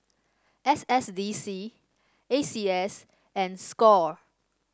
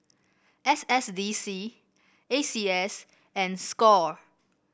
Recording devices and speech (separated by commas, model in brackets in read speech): standing microphone (AKG C214), boundary microphone (BM630), read sentence